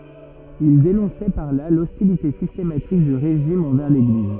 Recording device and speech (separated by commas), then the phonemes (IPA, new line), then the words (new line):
rigid in-ear microphone, read sentence
il denɔ̃sɛ paʁ la lɔstilite sistematik dy ʁeʒim ɑ̃vɛʁ leɡliz
Il dénonçait par là l'hostilité systématique du régime envers l'Église.